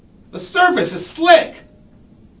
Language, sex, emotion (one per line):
English
male
fearful